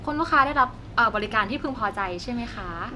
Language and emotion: Thai, happy